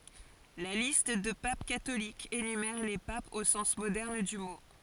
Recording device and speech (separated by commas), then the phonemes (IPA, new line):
forehead accelerometer, read sentence
la list də pap katolikz enymɛʁ le papz o sɑ̃s modɛʁn dy mo